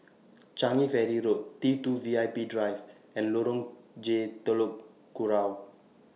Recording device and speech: mobile phone (iPhone 6), read sentence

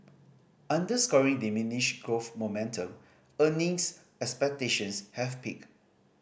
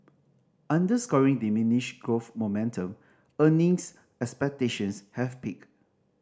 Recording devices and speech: boundary microphone (BM630), standing microphone (AKG C214), read sentence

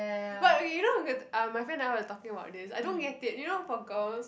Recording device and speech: boundary microphone, conversation in the same room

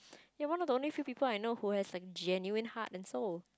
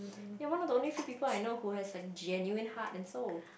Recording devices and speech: close-talking microphone, boundary microphone, conversation in the same room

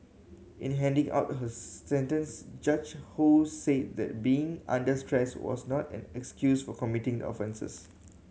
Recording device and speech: mobile phone (Samsung C7100), read sentence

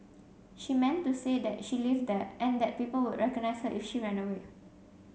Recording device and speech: mobile phone (Samsung C7), read sentence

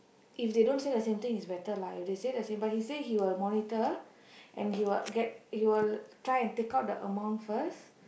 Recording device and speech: boundary microphone, conversation in the same room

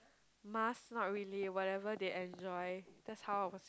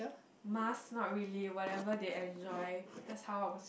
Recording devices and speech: close-talking microphone, boundary microphone, conversation in the same room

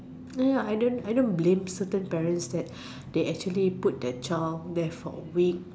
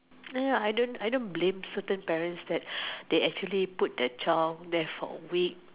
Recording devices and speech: standing microphone, telephone, conversation in separate rooms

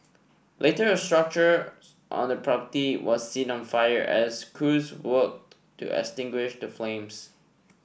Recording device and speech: boundary microphone (BM630), read sentence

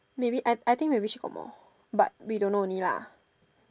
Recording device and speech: standing microphone, conversation in separate rooms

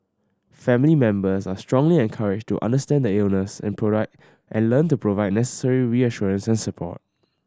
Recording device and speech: standing microphone (AKG C214), read sentence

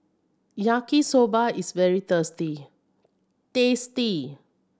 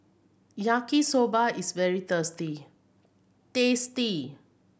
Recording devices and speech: standing microphone (AKG C214), boundary microphone (BM630), read sentence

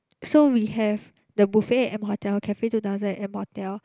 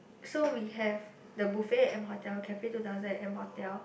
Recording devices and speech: close-talking microphone, boundary microphone, conversation in the same room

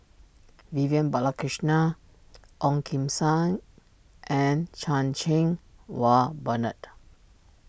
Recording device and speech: boundary microphone (BM630), read sentence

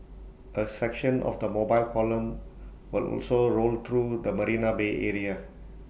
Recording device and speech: boundary microphone (BM630), read sentence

